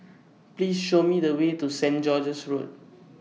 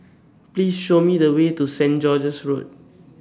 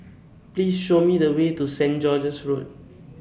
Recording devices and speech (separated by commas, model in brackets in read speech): mobile phone (iPhone 6), standing microphone (AKG C214), boundary microphone (BM630), read sentence